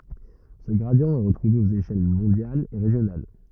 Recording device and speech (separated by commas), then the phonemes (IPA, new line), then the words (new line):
rigid in-ear microphone, read sentence
sə ɡʁadi ɛ ʁətʁuve oz eʃɛl mɔ̃djalz e ʁeʒjonal
Ce gradient est retrouvé aux échelles mondiales et régionales.